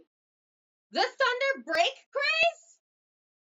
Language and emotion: English, surprised